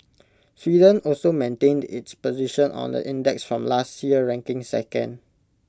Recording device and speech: close-talking microphone (WH20), read sentence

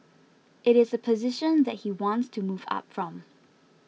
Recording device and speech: mobile phone (iPhone 6), read sentence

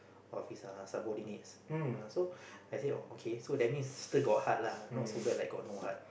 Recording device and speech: boundary microphone, conversation in the same room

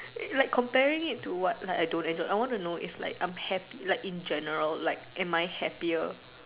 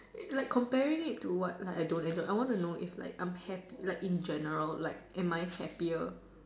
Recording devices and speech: telephone, standing microphone, conversation in separate rooms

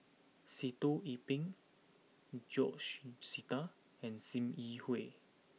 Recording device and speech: mobile phone (iPhone 6), read sentence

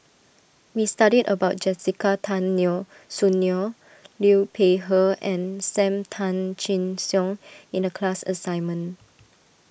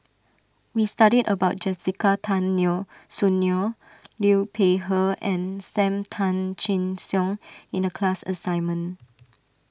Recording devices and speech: boundary microphone (BM630), standing microphone (AKG C214), read sentence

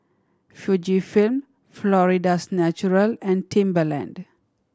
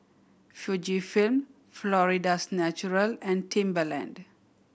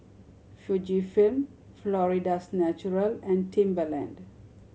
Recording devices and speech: standing microphone (AKG C214), boundary microphone (BM630), mobile phone (Samsung C7100), read sentence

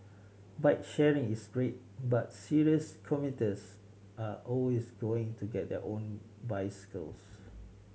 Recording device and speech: mobile phone (Samsung C7100), read sentence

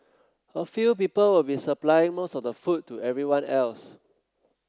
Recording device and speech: close-talking microphone (WH30), read sentence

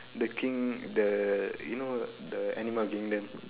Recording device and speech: telephone, conversation in separate rooms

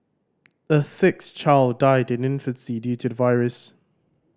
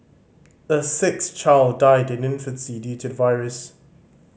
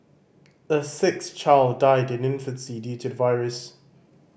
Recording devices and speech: standing microphone (AKG C214), mobile phone (Samsung C5010), boundary microphone (BM630), read sentence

